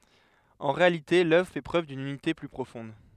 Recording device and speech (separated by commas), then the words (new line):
headset microphone, read sentence
En réalité l'œuvre fait preuve d'une unité plus profonde.